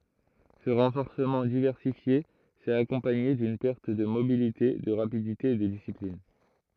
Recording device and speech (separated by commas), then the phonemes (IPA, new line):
throat microphone, read sentence
sə ʁɑ̃fɔʁsəmɑ̃ divɛʁsifje sɛt akɔ̃paɲe dyn pɛʁt də mobilite də ʁapidite e də disiplin